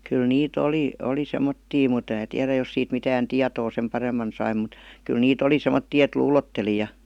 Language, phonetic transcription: Finnish, kyl 'nii''t ‿oli , ''oli 'semmottii mut (em mää) 'tiärä jos siit mitään "tiatoo sem "paremman sai mut , 'kyl nii"t ‿oli 'semottii et "luulotteli ja .
- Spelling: kyllä niitä oli oli semmoisia mutta en minä tiedä jos siitä mitään tietoa sen paremmin sai mutta kyllä niitä oli semmoisia että luulotteli ja

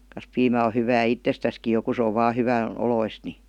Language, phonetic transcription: Finnish, kas piimä o hyvää "ittestäski jo ku se ov̆ 'vaa 'hyvän̬- , '-oloist ni .
- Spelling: kas piimä on hyvää itsestäänkin jo kun se on vain hyvän oloista niin

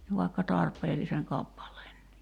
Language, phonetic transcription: Finnish, vaikka 'tarp̆peelliseŋ 'kappal̀eennii .
- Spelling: vaikka tarpeellisen kappaleenkin

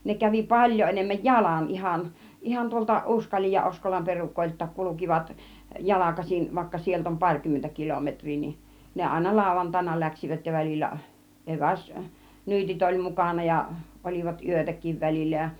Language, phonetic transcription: Finnish, ne kävi "paĺjo 'enemmäj "jalan 'ihan , 'ihan tuolta "ˀUskal͕ij ja "Oskolam 'perukoilt̆taak 'kulukivat , "jalakasin , vaikka 'sielt ‿om 'paŕkymmentä 'kilometŕ̆rii nin , 'ne àina 'làuvantaina 'läksivät ja väl͕illä , 'ˀeväs 'nyytit oĺ 'mukàna ja , ol͕ivat "yötäkiv 'väl͕illä ja .
- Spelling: ne kävi paljon enemmän jalan ihan ihan tuolta Uskalin ja Oskolan perukoiltakin kulkivat jalkaisin vaikka sieltä on parikymmentä kilometriä niin ne aina lauantaina lähtivät ja välillä - eväsnyytit oli mukana ja olivat yötäkin välillä ja

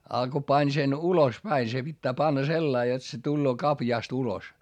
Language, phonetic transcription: Finnish, a ko pań sen ulos päi se pittää panna sellai jot se tulloo kapjàst ‿ulos .
- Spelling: ja kun pani sen ulos päin se pitää panna sellainen jotta se tulee kaviosta ulos

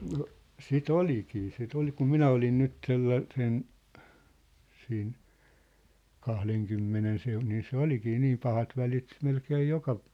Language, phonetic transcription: Finnish, no , 'si"t ‿olikii sit ‿ol kum "minä olin 'nyt 'sella- , -sen , siin , 'kahleŋkymmenen seu- , nii 'se "olikii 'niim 'pahat 'välit 'melkee 'joka ,.
- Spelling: no sitä olikin sitä oli kun minä olin nyt - sellaisen siinä kahdenkymmenen - niin se olikin niin pahat välit melkein joka

